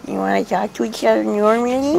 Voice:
in silly voice